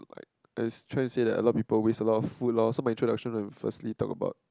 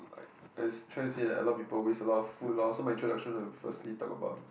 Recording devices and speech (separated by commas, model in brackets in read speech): close-talking microphone, boundary microphone, conversation in the same room